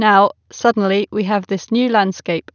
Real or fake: real